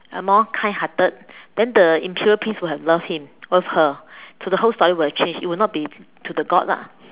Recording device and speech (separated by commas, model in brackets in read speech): telephone, conversation in separate rooms